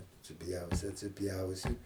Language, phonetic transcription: Lithuanian, atsiˈpjausi atsiˈpjausi

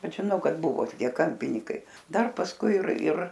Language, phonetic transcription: Lithuanian, ˈbet žiˈnau ˈkad ˈbuvo toˈkie ˈkampinykai ˈdar pasˈkui ir ir

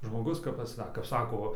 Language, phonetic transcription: Lithuanian, žmoˈgus kap paˈsak kap ˈsako va

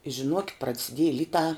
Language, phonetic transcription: Lithuanian, i žiˈnuokit praciˈdieji ˈlitā

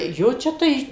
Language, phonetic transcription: Lithuanian, ˈjo ˈčia tai

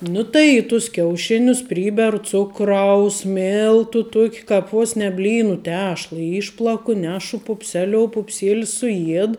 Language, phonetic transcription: Lithuanian, ˈnu tai į tus kiauˈšinius ˈpryberu ˈcukraus ˈmiltu ˈtuok' ˈkāp ˈvos ne ˈblynu ˈtešla ˈyšplaku ˈnešu pupˈseliou pupˈsėlis suˈjied

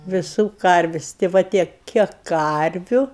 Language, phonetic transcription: Lithuanian, viˈsų ˈkarvis' tė ˈva ˈtiek ˈkiek ˈkarviu

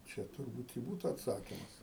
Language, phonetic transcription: Lithuanian, ˈčia turˈbūt i ˈbūtu atˈsakimas

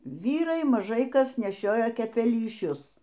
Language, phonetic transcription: Lithuanian, ˈvyrai maˈžai ˈkas neˈšiojo kepelyˈšius

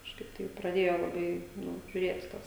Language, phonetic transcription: Lithuanian, kažˈkaip taip praˈdėjo laˈbai ˈnu žiuˈrėt ˈtas

